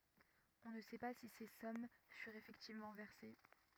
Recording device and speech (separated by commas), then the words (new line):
rigid in-ear microphone, read sentence
On ne sait pas si ces sommes furent effectivement versées.